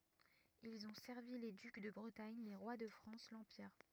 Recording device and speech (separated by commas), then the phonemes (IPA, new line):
rigid in-ear microphone, read sentence
ilz ɔ̃ sɛʁvi le dyk də bʁətaɲ le ʁwa də fʁɑ̃s lɑ̃piʁ